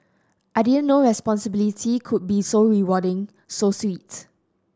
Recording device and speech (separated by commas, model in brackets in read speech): standing microphone (AKG C214), read sentence